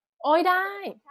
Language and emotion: Thai, happy